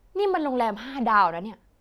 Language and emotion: Thai, frustrated